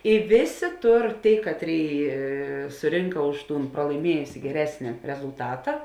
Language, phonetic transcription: Lithuanian, i ˈvėˌsė ˈtur ˈtėi ˈkatˌrėi suˈrinka ˈuž ˌtūn pralaiˈmiejusi geˈresni rezulˈtata

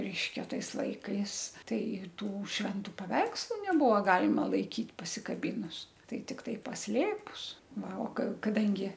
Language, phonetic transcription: Lithuanian, ˈreiškia ˈtais ˈlaikais ˈtai ˈtų švenˈtu paˈveikslu neˈbuvo ˈgalima laiˈkyt pasikaˈbynus ˈtai ˈtiktai pasˈlėpus ˈva o ka kaˈdangi

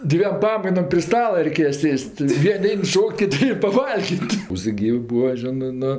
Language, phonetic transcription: Lithuanian, ˈdviem ˈpamainom pri ˈstala reiˈkėja ˈsės't' ˈvien' ˈein ˈšok't' kiˈti paˈvalgit' vos ˈgyvi ˈbūva ˈžinɜ ˈnu

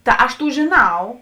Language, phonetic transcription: Lithuanian, ˈta aš ˈtų žėˈnau

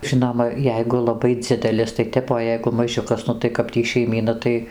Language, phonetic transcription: Lithuanian, ˈžinoma ˈjeigu laˈbai ˈdzidelis tai ˈtep o ˈjeigu maˈžiukas ˈnu tai kap ˈtį šeiˈmyna tai

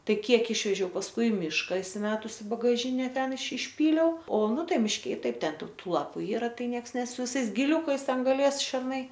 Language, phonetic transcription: Lithuanian, ˈtai ˈkiek ˈišvežiau pasˈkui i ˈmyška isiˈmetusi i bagaˈžine ˈten iš išˈpyliau o ˈnu ˈtai mišˈke i ˈtaip ˈten ˈtų ˈtų ˈlapu ˈyra ˈtai ˈnieks ˈnes su viˈsais giˈliukais ˈten gaˈlės šerˈnai

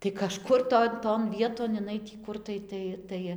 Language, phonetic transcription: Lithuanian, tai kaˈžkur ˈton ton ˈvieton iˈnai tį ˈkur tai ˈtai ˈtai

